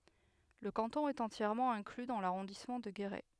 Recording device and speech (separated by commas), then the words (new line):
headset microphone, read sentence
Le canton est entièrement inclus dans l'arrondissement de Guéret.